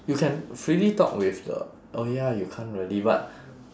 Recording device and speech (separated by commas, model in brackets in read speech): standing microphone, conversation in separate rooms